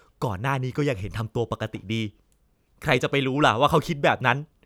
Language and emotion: Thai, frustrated